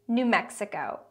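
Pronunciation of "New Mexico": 'New Mexico' has four syllables, and the stress falls on the first two, 'New' and 'Mex'. The x makes a ks sound.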